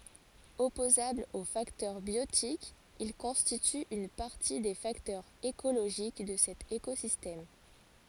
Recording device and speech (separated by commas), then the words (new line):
forehead accelerometer, read sentence
Opposables aux facteurs biotiques, ils constituent une partie des facteurs écologiques de cet écosystème.